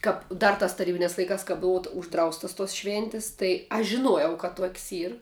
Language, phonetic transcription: Lithuanian, ˈkap ˈdar tas taˈrybinias laiˈkas ka ˈbuvu užˈdraustas tos ˈšvėntis tai ˈaš žiˈnuojau ka ˈtuok's' ˈyr

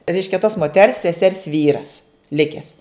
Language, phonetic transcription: Lithuanian, ˈreiškia tos moˈters seˈsers ˈvyras ˈlikes

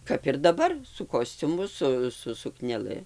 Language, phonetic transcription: Lithuanian, ˈkap ir daˈbar su ˈkosciumu ˈsu su sukneˈlɨ

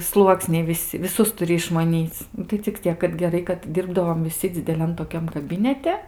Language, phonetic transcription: Lithuanian, ˈsluoksniai viˈsi viˈsus tuˈri išmaˈnyc tai cik ˈciek kad geˈrai kad ˈdirbdavom viˈsi dzideˈlian toˈkiam kaˈbinete

